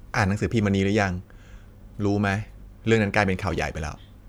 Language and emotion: Thai, frustrated